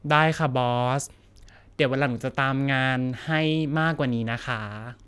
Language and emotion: Thai, frustrated